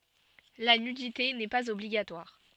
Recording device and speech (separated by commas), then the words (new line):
soft in-ear microphone, read sentence
La nudité n'est pas obligatoire.